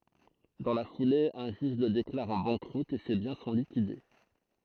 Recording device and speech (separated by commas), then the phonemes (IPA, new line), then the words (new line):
throat microphone, read sentence
dɑ̃ la fule œ̃ ʒyʒ lə deklaʁ ɑ̃ bɑ̃kʁut e se bjɛ̃ sɔ̃ likide
Dans la foulée, un juge le déclare en banqueroute et ses biens sont liquidés.